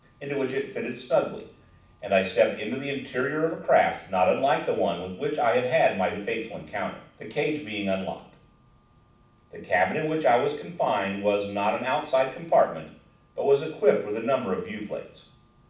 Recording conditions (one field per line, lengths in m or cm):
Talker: one person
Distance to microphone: 5.8 m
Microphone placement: far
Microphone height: 1.8 m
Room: medium-sized (5.7 m by 4.0 m)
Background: none